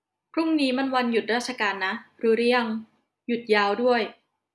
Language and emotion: Thai, neutral